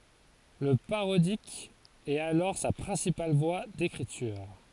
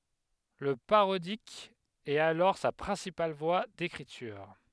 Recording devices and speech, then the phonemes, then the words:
forehead accelerometer, headset microphone, read sentence
lə paʁodik ɛt alɔʁ sa pʁɛ̃sipal vwa dekʁityʁ
Le parodique est alors sa principale voie d’écriture.

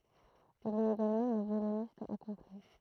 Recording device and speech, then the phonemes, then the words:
throat microphone, read sentence
il ɛt eɡalmɑ̃ œ̃ vjolonist akɔ̃pli
Il est également un violoniste accompli.

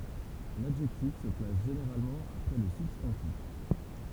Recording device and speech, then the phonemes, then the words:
temple vibration pickup, read sentence
ladʒɛktif sə plas ʒeneʁalmɑ̃ apʁɛ lə sybstɑ̃tif
L'adjectif se place généralement après le substantif.

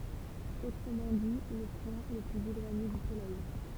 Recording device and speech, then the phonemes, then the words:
temple vibration pickup, read sentence
otʁəmɑ̃ di lə pwɛ̃ lə plyz elwaɲe dy solɛj
Autrement dit, le point le plus éloigné du Soleil.

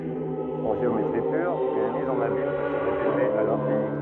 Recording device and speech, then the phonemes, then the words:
rigid in-ear microphone, read sentence
ɑ̃ ʒeometʁi pyʁ yn miz ɑ̃n abim pø sə ʁepete a lɛ̃fini
En géométrie pure, une mise en abyme peut se répéter à l’infini.

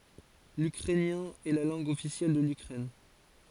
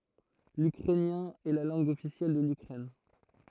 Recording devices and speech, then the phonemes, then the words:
forehead accelerometer, throat microphone, read sentence
lykʁɛnjɛ̃ ɛ la lɑ̃ɡ ɔfisjɛl də lykʁɛn
L'ukrainien est la langue officielle de l'Ukraine.

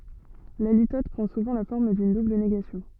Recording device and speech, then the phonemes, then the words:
soft in-ear microphone, read sentence
la litɔt pʁɑ̃ suvɑ̃ la fɔʁm dyn dubl neɡasjɔ̃
La litote prend souvent la forme d'une double négation.

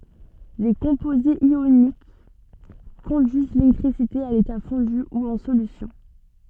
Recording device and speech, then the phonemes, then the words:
soft in-ear microphone, read sentence
le kɔ̃pozez jonik kɔ̃dyiz lelɛktʁisite a leta fɔ̃dy u ɑ̃ solysjɔ̃
Les composés ioniques conduisent l'électricité à l'état fondu ou en solution.

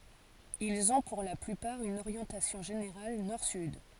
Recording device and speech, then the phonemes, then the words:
forehead accelerometer, read sentence
ilz ɔ̃ puʁ la plypaʁ yn oʁjɑ̃tasjɔ̃ ʒeneʁal nɔʁ syd
Ils ont pour la plupart une orientation générale nord-sud.

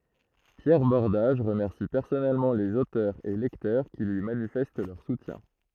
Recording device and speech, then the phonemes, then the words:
throat microphone, read sentence
pjɛʁ bɔʁdaʒ ʁəmɛʁsi pɛʁsɔnɛlmɑ̃ lez otœʁz e lɛktœʁ ki lyi manifɛst lœʁ sutjɛ̃
Pierre Bordage remercie personnellement les auteurs et lecteurs qui lui manifestent leur soutien.

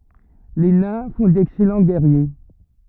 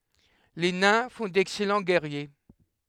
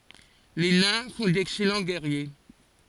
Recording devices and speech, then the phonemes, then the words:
rigid in-ear microphone, headset microphone, forehead accelerometer, read sentence
le nɛ̃ fɔ̃ dɛksɛlɑ̃ ɡɛʁje
Les Nains font d'excellents Guerriers.

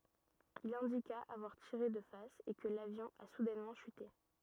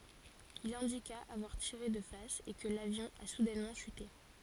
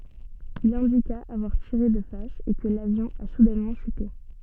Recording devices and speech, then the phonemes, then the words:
rigid in-ear microphone, forehead accelerometer, soft in-ear microphone, read sentence
il ɛ̃dika avwaʁ tiʁe də fas e kə lavjɔ̃ a sudɛnmɑ̃ ʃyte
Il indiqua avoir tiré de face et que l'avion a soudainement chuté.

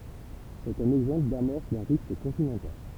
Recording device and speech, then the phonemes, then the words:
temple vibration pickup, read sentence
sɛt œ̃n ɛɡzɑ̃pl damɔʁs dœ̃ ʁift kɔ̃tinɑ̃tal
C'est un exemple d'amorce d'un rift continental.

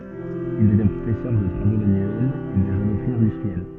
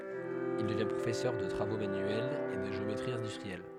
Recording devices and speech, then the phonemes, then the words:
soft in-ear microphone, headset microphone, read sentence
il dəvjɛ̃ pʁofɛsœʁ də tʁavo manyɛlz e də ʒeometʁi ɛ̃dystʁiɛl
Il devient professeur de travaux manuels et de géométrie industrielle.

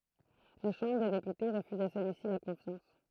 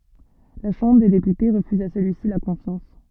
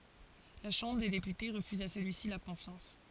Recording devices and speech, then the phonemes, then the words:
throat microphone, soft in-ear microphone, forehead accelerometer, read sentence
la ʃɑ̃bʁ de depyte ʁəfyz a səlyisi la kɔ̃fjɑ̃s
La Chambre des députés refuse à celui-ci la confiance.

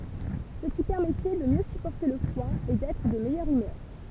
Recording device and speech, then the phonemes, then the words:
temple vibration pickup, read sentence
sə ki pɛʁmɛtɛ də mjø sypɔʁte lə fʁwa e dɛtʁ də mɛjœʁ ymœʁ
Ce qui permettait de mieux supporter le froid et d'être de meilleure humeur.

